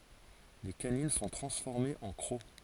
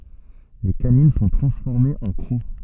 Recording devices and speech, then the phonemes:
forehead accelerometer, soft in-ear microphone, read sentence
le kanin sɔ̃ tʁɑ̃sfɔʁmez ɑ̃ kʁo

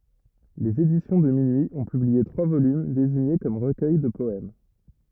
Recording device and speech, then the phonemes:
rigid in-ear microphone, read sentence
lez edisjɔ̃ də minyi ɔ̃ pyblie tʁwa volym deziɲe kɔm ʁəkœj də pɔɛm

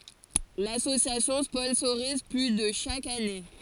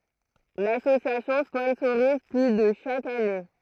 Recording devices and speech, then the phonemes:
forehead accelerometer, throat microphone, read sentence
lasosjasjɔ̃ spɔ̃soʁiz ply də ʃak ane

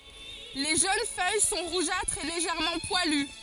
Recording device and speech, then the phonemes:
forehead accelerometer, read sentence
le ʒøn fœj sɔ̃ ʁuʒatʁz e leʒɛʁmɑ̃ pwaly

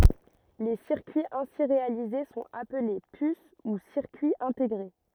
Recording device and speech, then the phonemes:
rigid in-ear microphone, read sentence
le siʁkyiz ɛ̃si ʁealize sɔ̃t aple pys u siʁkyiz ɛ̃teɡʁe

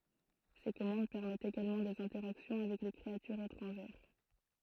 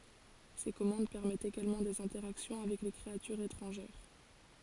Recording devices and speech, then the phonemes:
throat microphone, forehead accelerometer, read sentence
se kɔmɑ̃d pɛʁmɛtt eɡalmɑ̃ dez ɛ̃tɛʁaksjɔ̃ avɛk le kʁeatyʁz etʁɑ̃ʒɛʁ

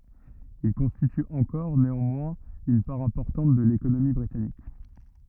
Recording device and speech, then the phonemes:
rigid in-ear microphone, read sentence
il kɔ̃stity ɑ̃kɔʁ neɑ̃mwɛ̃z yn paʁ ɛ̃pɔʁtɑ̃t də lekonomi bʁitanik

